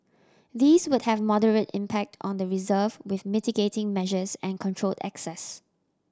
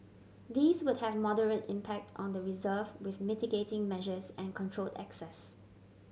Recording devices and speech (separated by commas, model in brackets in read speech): standing microphone (AKG C214), mobile phone (Samsung C7100), read sentence